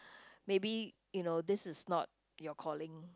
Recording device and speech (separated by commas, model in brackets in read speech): close-talking microphone, conversation in the same room